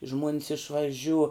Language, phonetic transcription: Lithuanian, žmuon's išvaˈžiū

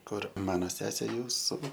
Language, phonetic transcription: Lithuanian, ˈkur ˈmano ˈsesė ˈjūsu

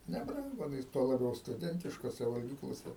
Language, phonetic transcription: Lithuanian, neˈbrangu aˈnais tuo laˈbiau stuˈdentiškose valˈgyklose

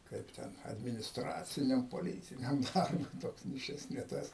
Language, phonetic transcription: Lithuanian, ˈkaip ten adminisˈtraciniam poˈlytiniam darˈbui ˈtoks nei ˈšis ne ˈtas

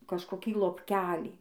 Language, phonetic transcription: Lithuanian, kažkoˈkį lopˈkelį

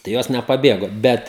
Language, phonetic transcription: Lithuanian, tai ˈjos nepaˈbėgo ˈbet

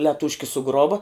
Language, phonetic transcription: Lithuanian, leˈtūški suˈgrova

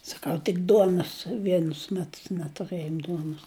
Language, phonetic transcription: Lithuanian, saˈkau tik ˈduonos ˈvienus ˈmetus netuˈrɘjom ˈduonus

